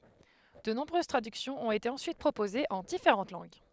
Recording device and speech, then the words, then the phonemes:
headset microphone, read sentence
De nombreuses traductions ont été ensuite proposées en différentes langues.
də nɔ̃bʁøz tʁadyksjɔ̃z ɔ̃t ete ɑ̃syit pʁopozez ɑ̃ difeʁɑ̃t lɑ̃ɡ

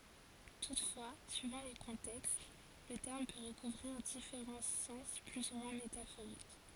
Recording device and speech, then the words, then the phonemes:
forehead accelerometer, read sentence
Toutefois, suivant les contextes, le terme peut recouvrir différents sens plus ou moins métaphoriques.
tutfwa syivɑ̃ le kɔ̃tɛkst lə tɛʁm pø ʁəkuvʁiʁ difeʁɑ̃ sɑ̃s ply u mwɛ̃ metafoʁik

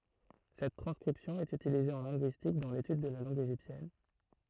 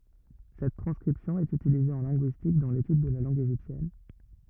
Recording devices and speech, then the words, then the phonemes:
throat microphone, rigid in-ear microphone, read sentence
Cette transcription est utilisée en linguistique, dans l'étude de la langue égyptienne.
sɛt tʁɑ̃skʁipsjɔ̃ ɛt ytilize ɑ̃ lɛ̃ɡyistik dɑ̃ letyd də la lɑ̃ɡ eʒiptjɛn

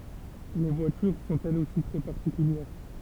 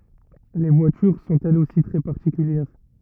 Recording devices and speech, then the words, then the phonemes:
temple vibration pickup, rigid in-ear microphone, read sentence
Les voitures sont elles aussi très particulières.
le vwatyʁ sɔ̃t ɛlz osi tʁɛ paʁtikyljɛʁ

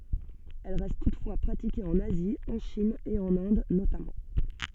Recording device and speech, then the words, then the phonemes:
soft in-ear microphone, read sentence
Elle reste toutefois pratiquée en Asie, en Chine et en Inde notamment.
ɛl ʁɛst tutfwa pʁatike ɑ̃n azi ɑ̃ ʃin e ɑ̃n ɛ̃d notamɑ̃

